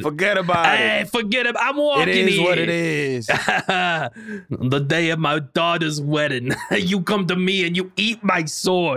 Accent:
New York accent